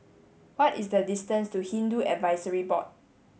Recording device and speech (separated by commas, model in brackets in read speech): mobile phone (Samsung S8), read sentence